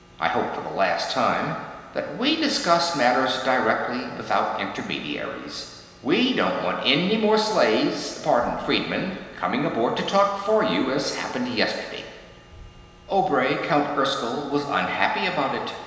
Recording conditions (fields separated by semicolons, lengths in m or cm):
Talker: one person; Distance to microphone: 1.7 m; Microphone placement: close; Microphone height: 1.0 m; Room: very reverberant, large; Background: none